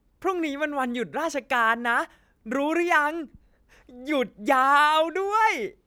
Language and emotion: Thai, happy